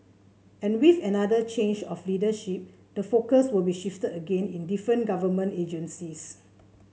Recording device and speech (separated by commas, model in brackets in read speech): mobile phone (Samsung C7), read sentence